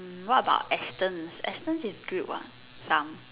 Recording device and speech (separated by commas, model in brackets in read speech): telephone, conversation in separate rooms